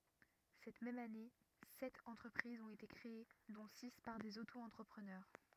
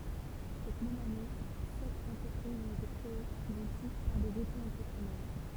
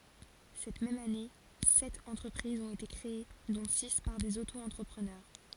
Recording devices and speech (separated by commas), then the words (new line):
rigid in-ear microphone, temple vibration pickup, forehead accelerometer, read sentence
Cette même année, sept entreprises ont été créées dont six par des Auto-entrepreneurs.